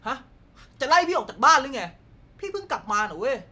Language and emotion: Thai, angry